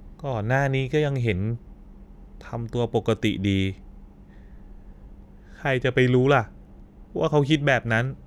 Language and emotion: Thai, sad